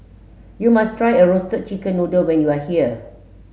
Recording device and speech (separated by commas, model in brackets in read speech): mobile phone (Samsung S8), read sentence